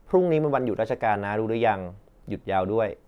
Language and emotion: Thai, neutral